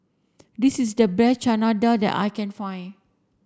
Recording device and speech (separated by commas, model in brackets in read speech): standing microphone (AKG C214), read sentence